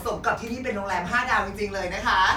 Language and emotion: Thai, happy